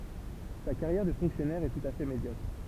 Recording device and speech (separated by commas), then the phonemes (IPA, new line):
temple vibration pickup, read sentence
sa kaʁjɛʁ də fɔ̃ksjɔnɛʁ ɛ tut a fɛ medjɔkʁ